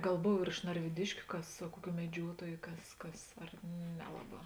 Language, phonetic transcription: Lithuanian, ˈgal ˈbov ir iš narviˈdiškiu ˈkas a ˈkuˌkių meˈdžiuotuoju ˈkas ˈkas ar ˈnelaˌbā

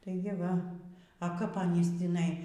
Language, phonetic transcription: Lithuanian, tai gi ˈva a ˈkap aˈnys tįˈnai

